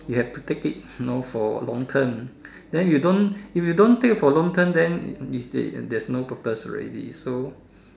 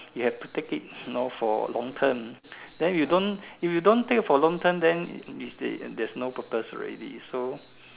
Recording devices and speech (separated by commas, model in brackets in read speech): standing microphone, telephone, conversation in separate rooms